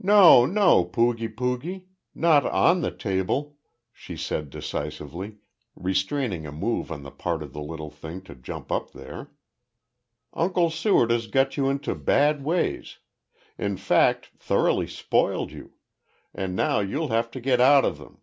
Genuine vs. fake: genuine